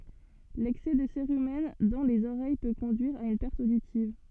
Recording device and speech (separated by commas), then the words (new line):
soft in-ear microphone, read sentence
L'excès de cérumen dans les oreilles peut conduire à une perte auditive.